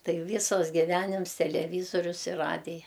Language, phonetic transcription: Lithuanian, ˈtai ˈvysas giˈvenims teleˈvyzorius ir ˈradija

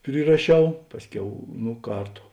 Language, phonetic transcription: Lithuanian, priraˈšiau ˈpasˌkiau ˈno ˈkarˌtu

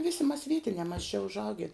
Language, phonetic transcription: Lithuanian, ˈvisi mas ˈvietinē mas čia užˈaugi

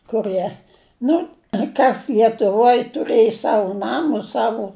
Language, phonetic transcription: Lithuanian, kuˈrɨe ˈnu ˈkas lietuˈvoj tuˈrɘj ˈsavu ˈnamus ˈsavu

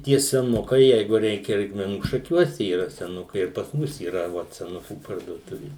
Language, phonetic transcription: Lithuanian, tie seˈnukai ˈjeigu ˈreikia reikmeˈnų šaˈkiuose yˈra seˈnukai ir pas ˈmus yˈra ˈvat seˈnukų parduoˈtuvi

